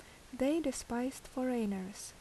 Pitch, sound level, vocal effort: 255 Hz, 75 dB SPL, normal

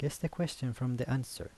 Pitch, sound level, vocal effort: 130 Hz, 78 dB SPL, soft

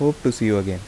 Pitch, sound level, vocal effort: 110 Hz, 81 dB SPL, soft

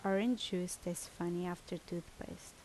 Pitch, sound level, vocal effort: 175 Hz, 75 dB SPL, normal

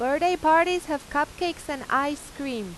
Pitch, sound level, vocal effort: 290 Hz, 93 dB SPL, very loud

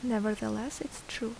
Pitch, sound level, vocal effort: 220 Hz, 74 dB SPL, soft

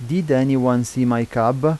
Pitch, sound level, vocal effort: 130 Hz, 86 dB SPL, normal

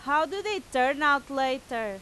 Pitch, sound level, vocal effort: 275 Hz, 97 dB SPL, very loud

